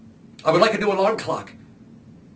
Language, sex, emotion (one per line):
English
male
angry